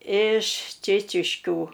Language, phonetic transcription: Lithuanian, iš ˈčėčiškių

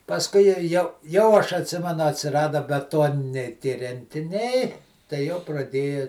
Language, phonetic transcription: Lithuanian, pasˈkui ja jau jau aš atˈsimenu atsiˈrada beˈtoniniai tie rentiˈniai tai jau praˈdėja

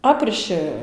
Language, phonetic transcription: Lithuanian, ˈaprišɨ

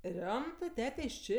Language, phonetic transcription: Lithuanian, ˈriomtɜ ˈtetė iš ˈčė

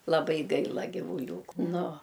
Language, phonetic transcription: Lithuanian, laˈbai ˈgaila givuˈliūku ˈnu

